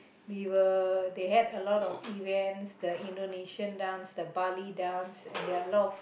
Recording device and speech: boundary microphone, conversation in the same room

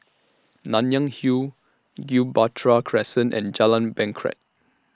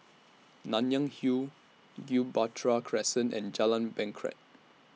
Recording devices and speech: standing microphone (AKG C214), mobile phone (iPhone 6), read sentence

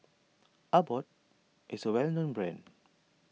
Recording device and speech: mobile phone (iPhone 6), read sentence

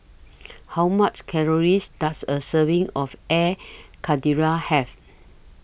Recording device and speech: boundary microphone (BM630), read sentence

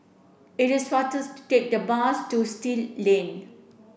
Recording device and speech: boundary microphone (BM630), read sentence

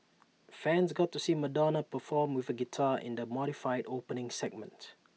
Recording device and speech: mobile phone (iPhone 6), read sentence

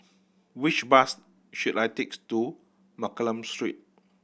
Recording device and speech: boundary microphone (BM630), read sentence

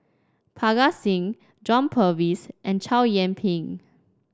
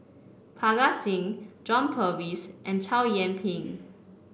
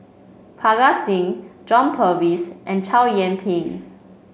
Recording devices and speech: standing microphone (AKG C214), boundary microphone (BM630), mobile phone (Samsung C5), read sentence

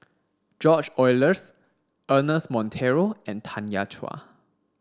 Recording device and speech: standing microphone (AKG C214), read sentence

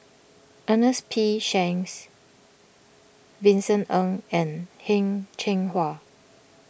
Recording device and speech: boundary microphone (BM630), read sentence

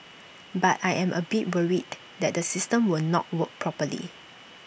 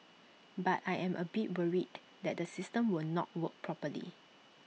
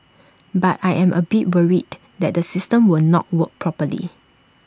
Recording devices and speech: boundary microphone (BM630), mobile phone (iPhone 6), standing microphone (AKG C214), read sentence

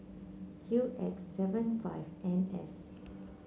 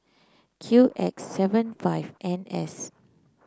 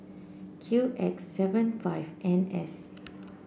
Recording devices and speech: mobile phone (Samsung C9), close-talking microphone (WH30), boundary microphone (BM630), read sentence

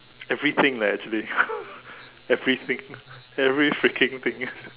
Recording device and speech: telephone, conversation in separate rooms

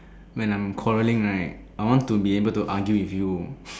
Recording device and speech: standing microphone, conversation in separate rooms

